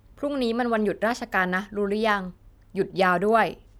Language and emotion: Thai, neutral